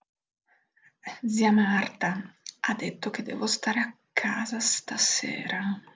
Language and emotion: Italian, fearful